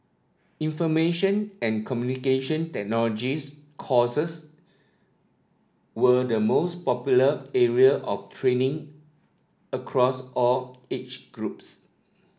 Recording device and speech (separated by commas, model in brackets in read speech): standing microphone (AKG C214), read sentence